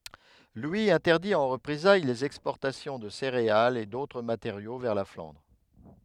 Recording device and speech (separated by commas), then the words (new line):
headset microphone, read sentence
Louis interdit en représailles les exportations de céréales et d'autres matériaux vers la Flandre.